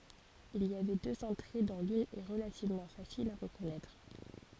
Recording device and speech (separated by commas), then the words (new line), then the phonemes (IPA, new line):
forehead accelerometer, read sentence
Il y avait deux entrées dont l'une est relativement facile à reconnaître.
il i avɛ døz ɑ̃tʁe dɔ̃ lyn ɛ ʁəlativmɑ̃ fasil a ʁəkɔnɛtʁ